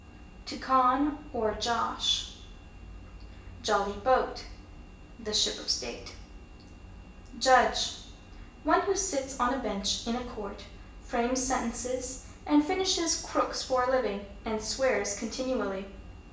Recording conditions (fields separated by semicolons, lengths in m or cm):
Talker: one person; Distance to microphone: 1.8 m; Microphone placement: close; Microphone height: 1.0 m; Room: large; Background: none